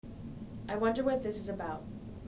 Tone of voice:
neutral